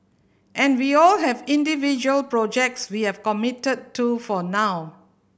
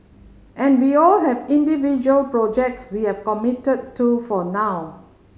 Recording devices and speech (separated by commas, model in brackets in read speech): boundary microphone (BM630), mobile phone (Samsung C5010), read sentence